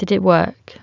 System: none